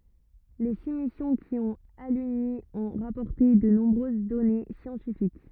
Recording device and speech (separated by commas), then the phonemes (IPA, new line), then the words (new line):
rigid in-ear microphone, read sentence
le si misjɔ̃ ki ɔ̃t alyni ɔ̃ ʁapɔʁte də nɔ̃bʁøz dɔne sjɑ̃tifik
Les six missions qui ont aluni ont rapporté de nombreuses données scientifiques.